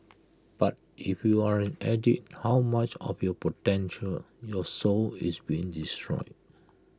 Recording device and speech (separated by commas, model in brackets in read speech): close-talking microphone (WH20), read sentence